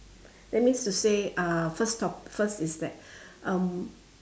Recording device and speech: standing microphone, conversation in separate rooms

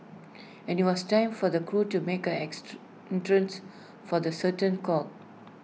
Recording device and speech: mobile phone (iPhone 6), read sentence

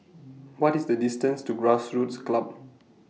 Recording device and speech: mobile phone (iPhone 6), read sentence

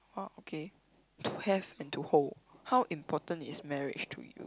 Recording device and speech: close-talking microphone, conversation in the same room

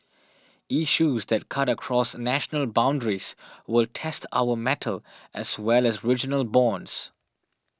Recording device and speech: standing microphone (AKG C214), read sentence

